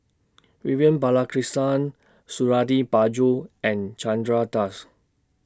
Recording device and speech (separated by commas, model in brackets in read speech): standing microphone (AKG C214), read sentence